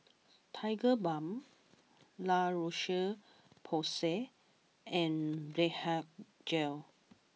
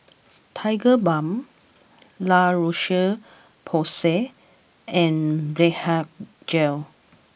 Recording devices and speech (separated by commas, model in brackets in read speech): mobile phone (iPhone 6), boundary microphone (BM630), read sentence